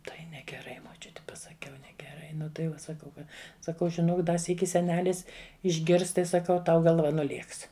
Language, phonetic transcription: Lithuanian, ˈtai negeˈrai moˈčiuti pasaˈkiau negeˈrai ˈnu tai ˈva saˈkau ˈkad saˈkau žiˈnok ˈda ˈsyki seˈnelis išˈgirs ˈtai saˈkau ˈtau galˈva nuˈlėks

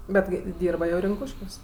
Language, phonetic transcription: Lithuanian, ˈbet kai ˈdyrba jau rinˈkūškiuos

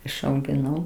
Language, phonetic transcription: Lithuanian, išaugiˈnau

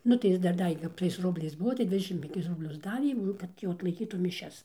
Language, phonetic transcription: Lithuanian, ˈnu tai ˈjis dar ˈdavė kap tais ˈrubliais ˈbuvo tai ˈdvidešim penˈkis rubˈlius ˈdavė ˈnu ˈkad jau atlaiˈkytų miˈšias

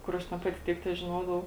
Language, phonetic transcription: Lithuanian, ˈkur aš ten ˈpati ˈtiek težiˈnodavau

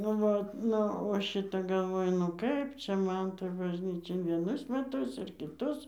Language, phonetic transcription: Lithuanian, nu ˈvat ˈnu o ˈšita galˈvoju ˈnu kaip ˈčia ˈman toj bažˈnyčia ir vieˈnus meˈtus ir kiˈtus

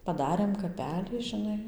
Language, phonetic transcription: Lithuanian, paˈdarėm kaˈpelį žiˈnai

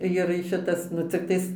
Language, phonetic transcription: Lithuanian, jir ˈšitas nu cikˈtais

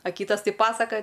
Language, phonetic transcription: Lithuanian, a ˈkytas ˈtai ˈpasakaja

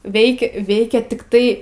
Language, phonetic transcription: Lithuanian, ˈveikia ˈveikia tikˈtai

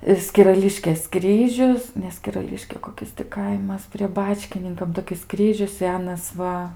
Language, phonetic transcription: Lithuanian, i skiraˈliškės ˈkryžius ne skiraˈliškė koˈkis ti ˈkaimas prie ˈbačkininkam toˈkis ˈkryžius ˈsenas ˈva

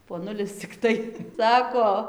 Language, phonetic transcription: Lithuanian, poˈnulis cikˈtai ˈsako

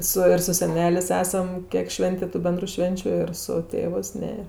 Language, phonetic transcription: Lithuanian, ˈsu ir su seˈnelės' ˈesam ˈkiek ˈšventė tu ˈbendru ˈšvenčiu ir su ˈtėvɜs ˈne

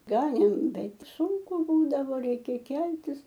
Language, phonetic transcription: Lithuanian, ˈganėm ˈbet ˈsunku ˈbūdavo ˈreikia ˈkeltis

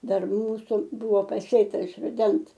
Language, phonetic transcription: Lithuanian, ˈdar ˈmūsu ˈbuvo paˈsėta iš ruˈdens

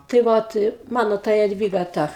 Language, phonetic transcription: Lithuanian, tai ˈvot ˈmano ta jadˈvyga ˈta

